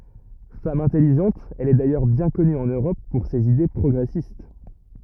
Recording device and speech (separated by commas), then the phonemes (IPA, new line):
rigid in-ear microphone, read sentence
fam ɛ̃tɛliʒɑ̃t ɛl ɛ dajœʁ bjɛ̃ kɔny ɑ̃n øʁɔp puʁ sez ide pʁɔɡʁɛsist